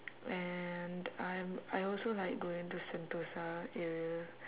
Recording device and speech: telephone, conversation in separate rooms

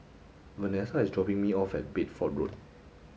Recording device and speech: mobile phone (Samsung S8), read sentence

